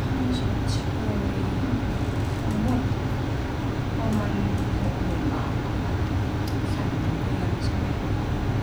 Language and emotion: Thai, frustrated